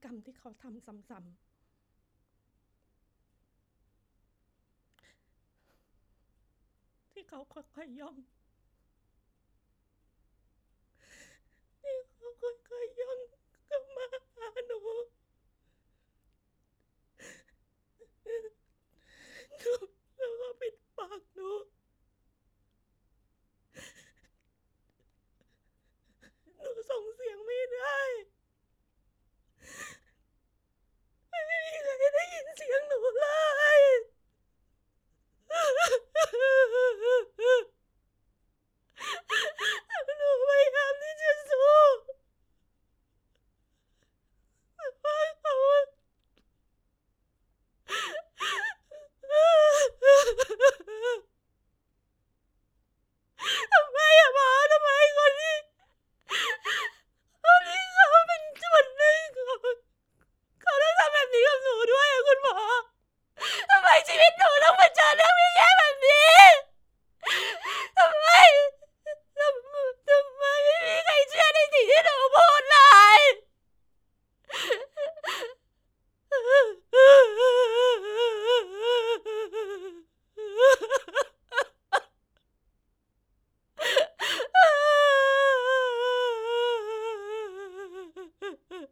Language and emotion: Thai, sad